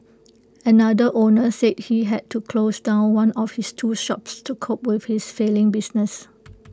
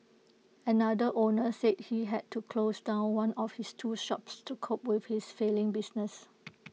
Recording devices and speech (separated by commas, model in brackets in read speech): close-talking microphone (WH20), mobile phone (iPhone 6), read sentence